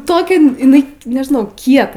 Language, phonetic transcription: Lithuanian, ˈtokia iˈnai nežiˈnau ˈkieta

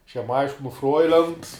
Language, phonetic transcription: Lithuanian, aš jam ˈaiškinu ˈfroilent

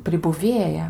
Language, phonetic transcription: Lithuanian, pribuˈvėja

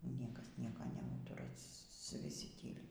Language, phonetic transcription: Lithuanian, ˈniekas ˈnieko neˈūtura viˈsi ˈtyli

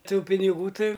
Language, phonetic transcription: Lithuanian, ˈtų piniˈgų ˈtai

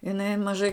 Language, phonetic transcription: Lithuanian, iˈnai maˈžai

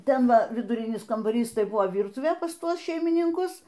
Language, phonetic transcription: Lithuanian, ˈten ˈva viduˈrinis kambaˈrys ˈtai ˈbuvo ˈvyrtuvė pas ˈtuos šeimininˈkus

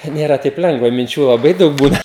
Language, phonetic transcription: Lithuanian, ˈnėra taip ˈlengva minˈčių laˈbai ˈdaug ˈbūna

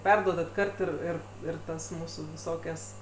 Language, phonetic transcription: Lithuanian, ˈperduodat ˈkart ir ˈir ˈir ˈtas ˈmūsų viˈsokias

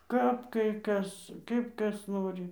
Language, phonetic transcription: Lithuanian, ˈkap kai ˈkas ˈkaip ˈkas ˈnori

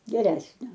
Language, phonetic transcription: Lithuanian, geˈresnio

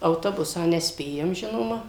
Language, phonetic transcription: Lithuanian, auˈtobusą neˈspėjam ˈžinoma

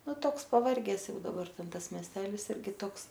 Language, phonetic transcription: Lithuanian, ˈnu ˈtoks paˈvarges ˈjau daˈbar ˈten ˈtas miesˈtelis ˈirgi ˈtoks

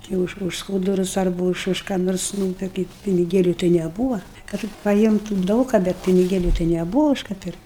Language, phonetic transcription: Lithuanian, jau ˈuž už ˈskūdurus arˈbu už už ką ˈnors ˈnū tai kaip piniˈgėliu tai neˈbūva ˈkad tik paˈjimtum ˈdaug ka ˈbet piniˈgėliu tai neˈbuva ˈuž ka ˈpirkt'

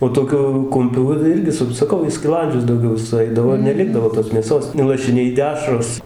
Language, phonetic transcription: Lithuanian, o toˈkiu ˈkumpių ˈva ˈirgi saˈkau į skiˈlandžius dauˈgiau suˈaidavo ir neˈlikdavo tos mėˈsos nu lašiˈniai ˈdešros

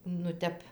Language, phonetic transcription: Lithuanian, nu ˈtep

